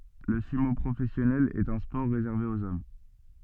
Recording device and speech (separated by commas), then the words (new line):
soft in-ear microphone, read sentence
Le sumo professionnel est un sport réservé aux hommes.